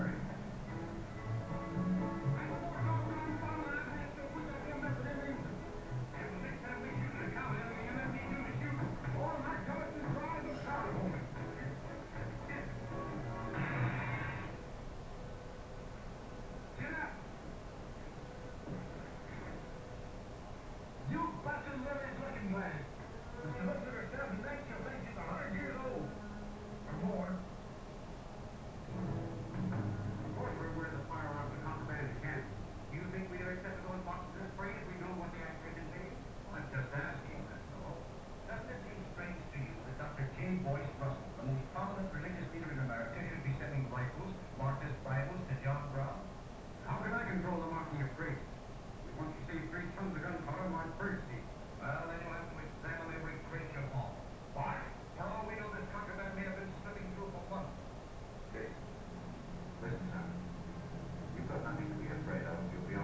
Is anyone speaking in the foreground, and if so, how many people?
No one.